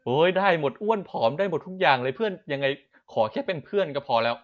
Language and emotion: Thai, happy